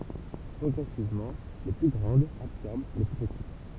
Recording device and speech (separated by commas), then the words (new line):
temple vibration pickup, read sentence
Progressivement, les plus grandes absorbèrent les plus petites.